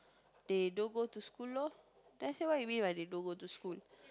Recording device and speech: close-talking microphone, conversation in the same room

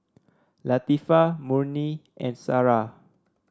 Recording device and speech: standing microphone (AKG C214), read sentence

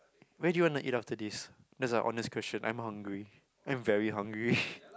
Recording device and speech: close-talking microphone, conversation in the same room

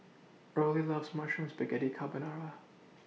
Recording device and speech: mobile phone (iPhone 6), read sentence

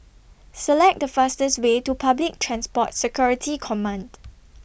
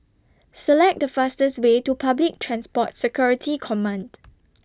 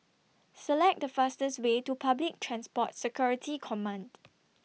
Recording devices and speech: boundary microphone (BM630), standing microphone (AKG C214), mobile phone (iPhone 6), read sentence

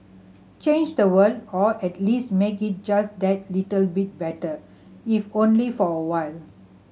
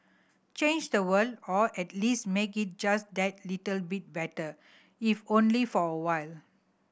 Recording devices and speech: mobile phone (Samsung C7100), boundary microphone (BM630), read sentence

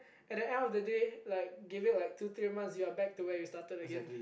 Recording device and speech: boundary microphone, conversation in the same room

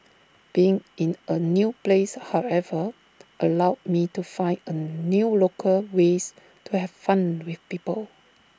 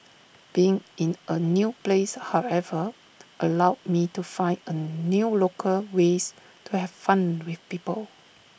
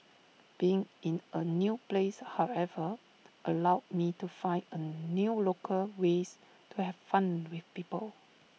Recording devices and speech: standing microphone (AKG C214), boundary microphone (BM630), mobile phone (iPhone 6), read sentence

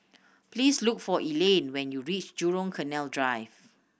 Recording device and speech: boundary microphone (BM630), read sentence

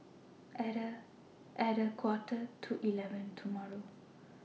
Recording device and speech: mobile phone (iPhone 6), read sentence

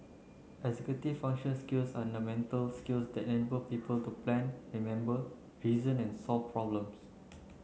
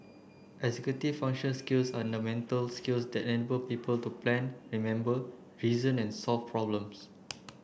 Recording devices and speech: mobile phone (Samsung C9), boundary microphone (BM630), read sentence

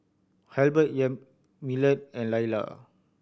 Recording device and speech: boundary microphone (BM630), read sentence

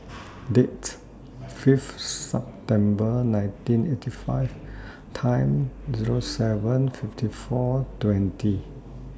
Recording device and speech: standing microphone (AKG C214), read sentence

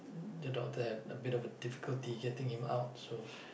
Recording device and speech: boundary microphone, conversation in the same room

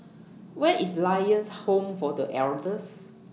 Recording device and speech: mobile phone (iPhone 6), read sentence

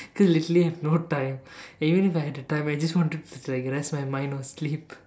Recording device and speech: standing microphone, conversation in separate rooms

